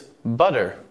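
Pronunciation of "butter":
In 'butter', the t sound is changed to a d sound.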